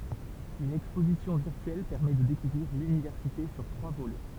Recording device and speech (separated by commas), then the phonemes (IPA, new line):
temple vibration pickup, read sentence
yn ɛkspozisjɔ̃ viʁtyɛl pɛʁmɛ də dekuvʁiʁ lynivɛʁsite syʁ tʁwa volɛ